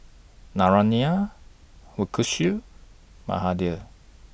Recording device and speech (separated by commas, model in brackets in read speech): boundary microphone (BM630), read sentence